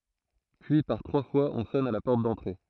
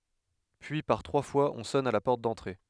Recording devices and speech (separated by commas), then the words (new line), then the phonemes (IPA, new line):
throat microphone, headset microphone, read sentence
Puis par trois fois on sonne à la porte d’entrée.
pyi paʁ tʁwa fwaz ɔ̃ sɔn a la pɔʁt dɑ̃tʁe